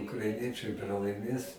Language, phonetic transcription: Lithuanian, ukraiˈniečai pralaiˈmės

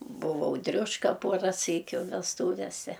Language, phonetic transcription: Lithuanian, buˈvau ˈdriuška ˈpuora ˈsykiu vesˈtūvese

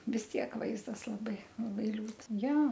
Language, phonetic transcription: Lithuanian, vis ˈtiek ˈvaizdas laˈbai laˈbai ˈliūd ˈja

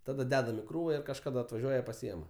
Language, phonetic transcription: Lithuanian, ˈtada ˈdedam i ˈkrūva ir kažkaˈda atvaˈžiuoja paˈsiema

